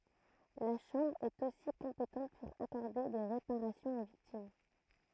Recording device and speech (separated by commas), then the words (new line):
throat microphone, read sentence
La Chambre est, aussi, compétente pour accorder des réparations aux victimes.